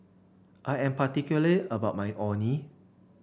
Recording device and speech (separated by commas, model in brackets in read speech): boundary microphone (BM630), read sentence